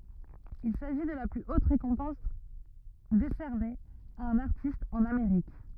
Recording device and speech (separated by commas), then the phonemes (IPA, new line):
rigid in-ear microphone, read sentence
il saʒi də la ply ot ʁekɔ̃pɑ̃s desɛʁne a œ̃n aʁtist ɑ̃n ameʁik